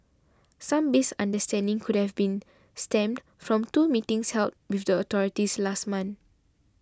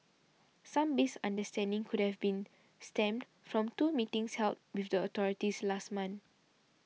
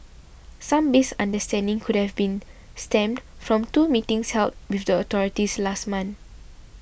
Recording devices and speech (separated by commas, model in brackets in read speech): standing microphone (AKG C214), mobile phone (iPhone 6), boundary microphone (BM630), read sentence